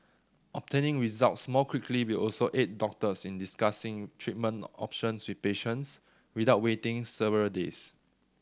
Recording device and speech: standing microphone (AKG C214), read sentence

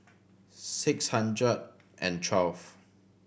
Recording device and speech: boundary microphone (BM630), read sentence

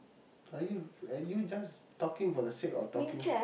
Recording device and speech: boundary microphone, conversation in the same room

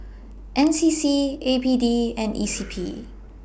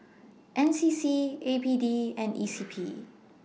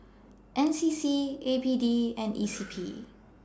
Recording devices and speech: boundary microphone (BM630), mobile phone (iPhone 6), standing microphone (AKG C214), read sentence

